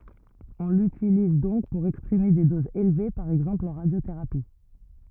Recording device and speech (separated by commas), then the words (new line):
rigid in-ear microphone, read sentence
On l'utilise donc pour exprimer des doses élevées, par exemple en radiothérapie.